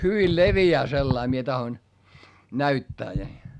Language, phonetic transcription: Finnish, hyvil levi₍ää sellai - mie tahoⁱn , näyttää ni , .
- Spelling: hyvin leviää sellainen minä tahdon näyttää niin

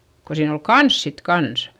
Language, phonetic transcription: Finnish, ko siin ‿ol kans sit kans .
- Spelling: kun siinä oli kanssa sitten kanssa

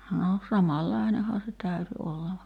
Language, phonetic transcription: Finnish, no 'samallainehaa se 'täyty olla (va) .
- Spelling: no samanlainenhan se täytyi olla vaan

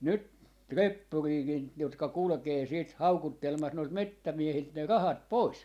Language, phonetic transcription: Finnish, 'nyt , "reppuriikin , jotka 'kulᵘkee siit "haukuttelma(s) noilt "mettämiehilt ne "rahat "pois .
- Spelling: nyt reppuriakin jotka kulkee sitten haukuttelemassa noilta metsämiehiltä ne rahat pois

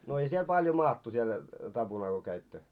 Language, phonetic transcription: Finnish, no ei 'siel paljo 'maattu siel , 'taʙunal ko käittö ?
- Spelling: no ei siellä paljon maattu siellä tapunalla kun kävitte

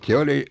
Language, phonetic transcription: Finnish, 'se oli ,.
- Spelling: se oli

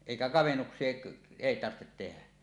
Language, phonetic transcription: Finnish, 'èikä 'kavennuks̀ie , èi tarhtet tenä .
- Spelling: eikä kavennuksia ei tarvitse tehdä

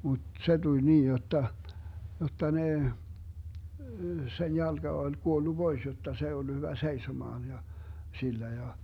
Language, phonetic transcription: Finnish, mut 'se tuĺ 'niin 'jotta , 'jotta 'ne , sen 'jalGa ol 'kuollu "Bois jotta 's ‿ei ollu 'hyvä "seisomaan ja , 'sillä ja .
- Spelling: mutta se tuli niin jotta jotta ne sen jalka oli kuollut pois jotta se ei ollut hyvä seisomaan ja sillä ja

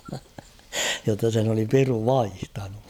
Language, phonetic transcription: Finnish, jotta sen ‿oli 'piru "vaihtanu .
- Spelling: jotta sen oli piru vaihtanut

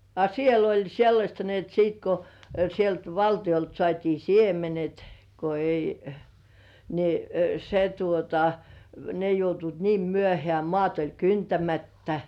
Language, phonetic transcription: Finnish, a "siel ‿oĺ sellaśta ni ‿et siit , ko , sielt 'valtiʲolt sŏàt́ii "siemenet , ko ei , ni , se tuota , ne joutuit "niim 'myöhĕä̀ 'mŏàt oĺ "kyntämättä .
- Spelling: a siellä oli sellaista niin että sitten kun sieltä valtiolta saatiin siemenet kun ei niin se tuota ne joutuivat niin myöhään maat oli kyntämättä

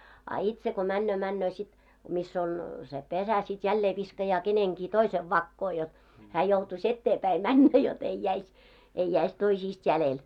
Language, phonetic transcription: Finnish, a "itse ko 'männöö 'männöö sit , 'miss ‿oŋ , se 'pesä sit 'jällee viskajaa 'keneŋɢii "toisev 'vakkoo jot , hää joutu's ‿etteepäi "männä jot ‿ei jäis , ei jäis 'toisiist 'jälel .
- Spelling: a itse kun menee menee sitten missä on se pesä sitten jälleen viskaa kenenkin toisen vakoon jotta hän joutuisi eteenpäin mennä jotta ei jäisi ei jäisi toisista jäljelle

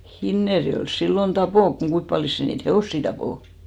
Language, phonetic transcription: Finnish, "Hinnerjo₍èls 'sillon "tapò , (mut) 'kuimp paljos 'se niit "he₍òssi 'tapò .
- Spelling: Hinnerjoella silloin tappoi mutta kuinka paljon se niitä hevosia tappoi

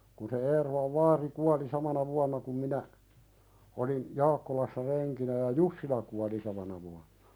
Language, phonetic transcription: Finnish, kun se 'Eerolav "vaari 'kuali 'samana vuanna kum minä , olin , "Jaakkolassa 'reŋkinä ja "Jussila kuali 'samana vuanɴᴀ .
- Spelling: kun se Eerolan vaari kuoli samana vuonna kuin minä olin Jaakkolassa renkinä ja Jussila kuoli samana vuonna

